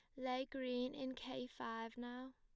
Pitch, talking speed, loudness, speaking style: 255 Hz, 165 wpm, -46 LUFS, plain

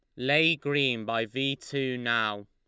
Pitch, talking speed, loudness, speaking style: 130 Hz, 160 wpm, -27 LUFS, Lombard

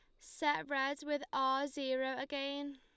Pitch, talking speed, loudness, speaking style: 275 Hz, 140 wpm, -37 LUFS, Lombard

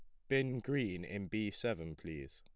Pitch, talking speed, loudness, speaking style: 105 Hz, 175 wpm, -39 LUFS, plain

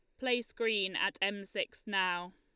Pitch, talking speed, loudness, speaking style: 200 Hz, 165 wpm, -34 LUFS, Lombard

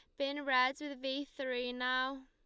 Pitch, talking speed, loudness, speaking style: 265 Hz, 175 wpm, -36 LUFS, Lombard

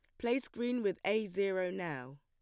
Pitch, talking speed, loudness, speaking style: 195 Hz, 180 wpm, -36 LUFS, plain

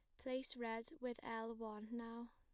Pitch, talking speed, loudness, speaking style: 235 Hz, 170 wpm, -48 LUFS, plain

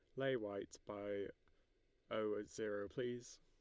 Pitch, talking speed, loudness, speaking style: 105 Hz, 110 wpm, -45 LUFS, Lombard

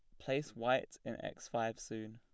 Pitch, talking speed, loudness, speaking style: 115 Hz, 185 wpm, -40 LUFS, plain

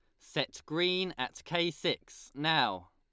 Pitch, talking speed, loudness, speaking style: 175 Hz, 135 wpm, -32 LUFS, Lombard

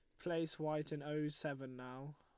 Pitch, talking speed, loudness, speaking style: 150 Hz, 185 wpm, -43 LUFS, Lombard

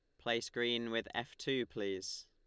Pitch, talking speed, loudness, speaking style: 115 Hz, 175 wpm, -38 LUFS, Lombard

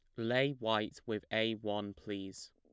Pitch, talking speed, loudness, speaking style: 110 Hz, 155 wpm, -36 LUFS, plain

